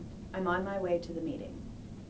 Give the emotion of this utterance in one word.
neutral